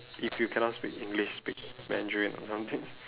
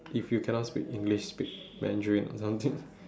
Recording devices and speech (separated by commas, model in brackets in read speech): telephone, standing microphone, conversation in separate rooms